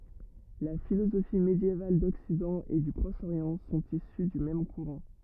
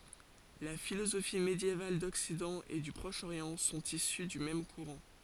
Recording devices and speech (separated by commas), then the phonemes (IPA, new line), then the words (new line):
rigid in-ear microphone, forehead accelerometer, read sentence
la filozofi medjeval dɔksidɑ̃ e dy pʁɔʃ oʁjɑ̃ sɔ̃t isy dy mɛm kuʁɑ̃
La philosophie médiévale d'Occident et du Proche-Orient sont issues du même courant.